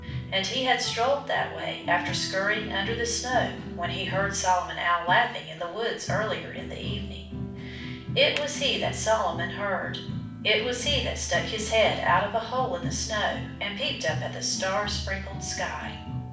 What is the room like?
A mid-sized room.